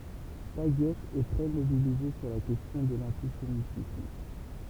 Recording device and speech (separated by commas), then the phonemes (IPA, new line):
temple vibration pickup, read sentence
taɡjɛf ɛ tʁɛ mobilize syʁ la kɛstjɔ̃ də lɑ̃tisemitism